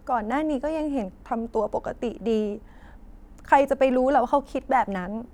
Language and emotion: Thai, sad